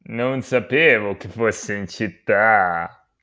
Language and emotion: Italian, happy